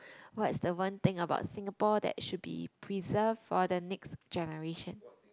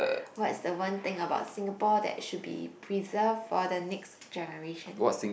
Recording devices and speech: close-talking microphone, boundary microphone, conversation in the same room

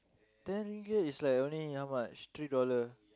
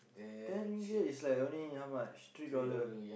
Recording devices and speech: close-talking microphone, boundary microphone, conversation in the same room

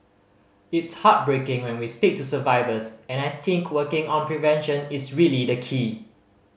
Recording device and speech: mobile phone (Samsung C5010), read sentence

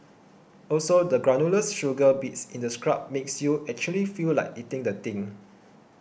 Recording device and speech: boundary microphone (BM630), read sentence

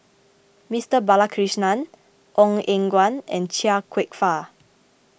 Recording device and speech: boundary microphone (BM630), read sentence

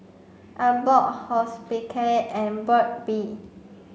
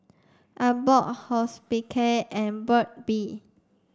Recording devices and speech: mobile phone (Samsung C5), standing microphone (AKG C214), read sentence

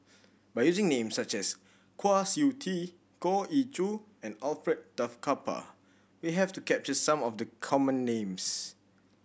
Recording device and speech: boundary microphone (BM630), read sentence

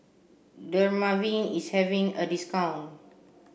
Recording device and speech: boundary microphone (BM630), read sentence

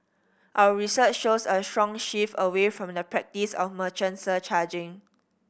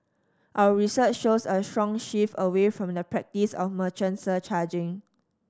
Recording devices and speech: boundary microphone (BM630), standing microphone (AKG C214), read sentence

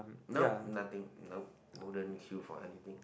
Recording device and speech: boundary microphone, conversation in the same room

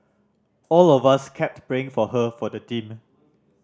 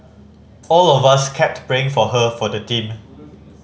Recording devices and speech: standing microphone (AKG C214), mobile phone (Samsung C5010), read sentence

